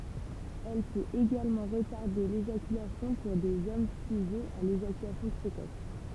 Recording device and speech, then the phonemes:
temple vibration pickup, read sentence
ɛl pøt eɡalmɑ̃ ʁətaʁde leʒakylasjɔ̃ puʁ dez ɔm syʒɛz a leʒakylasjɔ̃ pʁekɔs

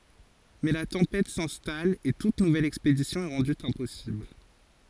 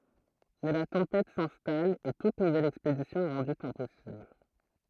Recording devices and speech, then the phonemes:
forehead accelerometer, throat microphone, read sentence
mɛ la tɑ̃pɛt sɛ̃stal e tut nuvɛl ɛkspedisjɔ̃ ɛ ʁɑ̃dy ɛ̃pɔsibl

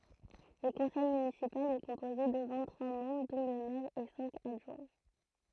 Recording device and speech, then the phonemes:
throat microphone, read sentence
lə kɔ̃sɛj mynisipal ɛ kɔ̃poze də vɛ̃t tʁwa mɑ̃bʁ dɔ̃ lə mɛʁ e sɛ̃k adʒwɛ̃

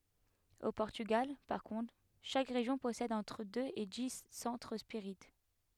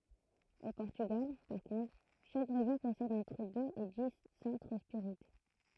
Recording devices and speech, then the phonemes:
headset microphone, throat microphone, read sentence
o pɔʁtyɡal paʁ kɔ̃tʁ ʃak ʁeʒjɔ̃ pɔsɛd ɑ̃tʁ døz e di sɑ̃tʁ spiʁit

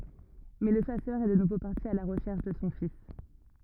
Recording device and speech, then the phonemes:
rigid in-ear microphone, read sentence
mɛ lə ʃasœʁ ɛ də nuvo paʁti a la ʁəʃɛʁʃ də sɔ̃ fis

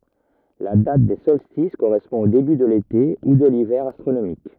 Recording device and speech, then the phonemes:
rigid in-ear microphone, read sentence
la dat de sɔlstis koʁɛspɔ̃ o deby də lete u də livɛʁ astʁonomik

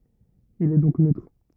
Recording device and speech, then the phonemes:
rigid in-ear microphone, read sentence
il ɛ dɔ̃k nøtʁ

